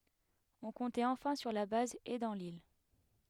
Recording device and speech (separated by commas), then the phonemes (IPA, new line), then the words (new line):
headset microphone, read sentence
ɔ̃ kɔ̃tɛt ɑ̃fɛ̃ syʁ la baz e dɑ̃ lil
On comptait enfin sur la base et dans l’île.